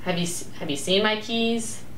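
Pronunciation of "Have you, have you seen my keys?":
'Have you seen my keys?' is said with a falling intonation.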